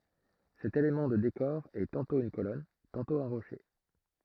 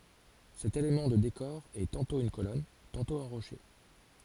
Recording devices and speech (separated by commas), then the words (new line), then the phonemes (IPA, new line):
throat microphone, forehead accelerometer, read sentence
Cet élément de décor est tantôt une colonne, tantôt un rocher.
sɛt elemɑ̃ də dekɔʁ ɛ tɑ̃tɔ̃ yn kolɔn tɑ̃tɔ̃ œ̃ ʁoʃe